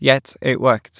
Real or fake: real